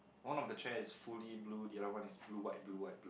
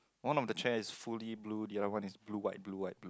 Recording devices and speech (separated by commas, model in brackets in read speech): boundary microphone, close-talking microphone, conversation in the same room